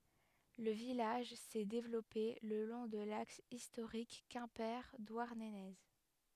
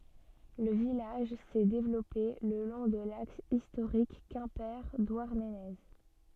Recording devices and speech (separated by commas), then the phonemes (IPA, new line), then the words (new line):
headset microphone, soft in-ear microphone, read sentence
lə vilaʒ sɛ devlɔpe lə lɔ̃ də laks istoʁik kɛ̃pe dwaʁnəne
Le village s'est développé le long de l'axe historique Quimper-Douarnenez.